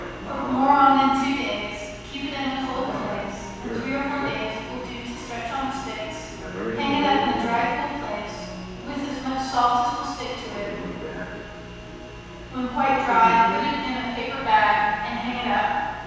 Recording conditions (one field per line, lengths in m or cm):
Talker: one person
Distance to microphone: 7.1 m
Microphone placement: far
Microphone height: 1.7 m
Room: very reverberant, large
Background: television